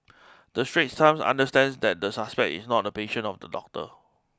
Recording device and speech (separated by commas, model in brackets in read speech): close-talking microphone (WH20), read sentence